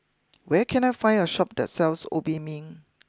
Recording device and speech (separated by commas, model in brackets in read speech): close-talking microphone (WH20), read sentence